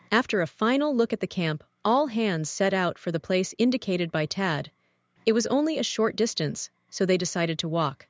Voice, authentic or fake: fake